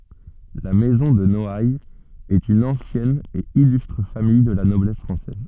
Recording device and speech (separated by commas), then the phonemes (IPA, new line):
soft in-ear microphone, read sentence
la mɛzɔ̃ də nɔajz ɛt yn ɑ̃sjɛn e ilystʁ famij də la nɔblɛs fʁɑ̃sɛz